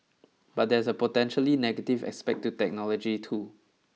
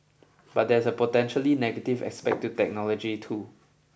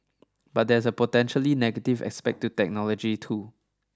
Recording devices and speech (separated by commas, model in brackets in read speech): mobile phone (iPhone 6), boundary microphone (BM630), standing microphone (AKG C214), read sentence